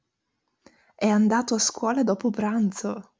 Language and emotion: Italian, surprised